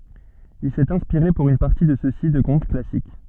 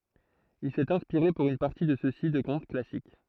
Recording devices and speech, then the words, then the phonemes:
soft in-ear microphone, throat microphone, read sentence
Il s'est inspiré pour une partie de ceux-ci de contes classiques.
il sɛt ɛ̃spiʁe puʁ yn paʁti də søksi də kɔ̃t klasik

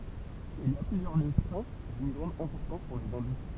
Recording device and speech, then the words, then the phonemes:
temple vibration pickup, read sentence
Il y a plusieurs lieux saints d'une grande importance pour les hindous.
il i a plyzjœʁ ljø sɛ̃ dyn ɡʁɑ̃d ɛ̃pɔʁtɑ̃s puʁ le ɛ̃du

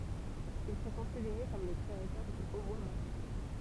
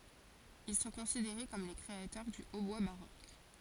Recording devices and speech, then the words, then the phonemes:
temple vibration pickup, forehead accelerometer, read sentence
Ils sont considérés comme les créateurs du hautbois baroque.
il sɔ̃ kɔ̃sideʁe kɔm le kʁeatœʁ dy otbwa baʁok

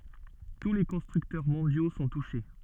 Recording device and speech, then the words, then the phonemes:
soft in-ear microphone, read sentence
Tous les constructeurs mondiaux sont touchés.
tu le kɔ̃stʁyktœʁ mɔ̃djo sɔ̃ tuʃe

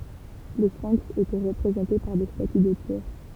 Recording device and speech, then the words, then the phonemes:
temple vibration pickup, read sentence
Les sphinx étaient représentés par des statues de pierre.
le sfɛ̃ks etɛ ʁəpʁezɑ̃te paʁ de staty də pjɛʁ

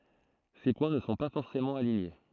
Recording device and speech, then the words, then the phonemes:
throat microphone, read sentence
Ces points ne sont pas forcément alignés.
se pwɛ̃ nə sɔ̃ pa fɔʁsemɑ̃ aliɲe

